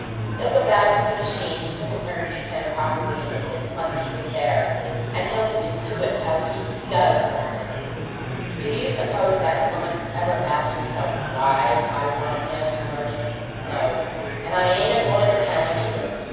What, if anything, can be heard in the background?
Crowd babble.